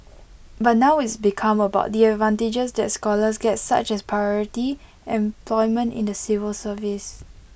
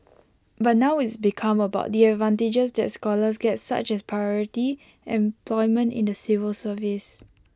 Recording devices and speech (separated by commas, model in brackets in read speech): boundary microphone (BM630), close-talking microphone (WH20), read sentence